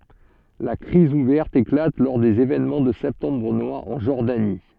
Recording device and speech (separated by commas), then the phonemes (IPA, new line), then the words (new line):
soft in-ear microphone, read sentence
la kʁiz uvɛʁt eklat lɔʁ dez evenmɑ̃ də sɛptɑ̃bʁ nwaʁ ɑ̃ ʒɔʁdani
La crise ouverte éclate lors des événements de septembre noir en Jordanie.